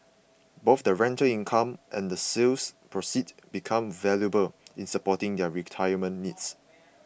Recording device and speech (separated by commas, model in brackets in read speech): boundary microphone (BM630), read sentence